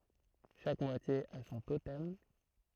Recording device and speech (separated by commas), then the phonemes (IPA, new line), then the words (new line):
throat microphone, read sentence
ʃak mwatje a sɔ̃ totɛm
Chaque moitié a son totem.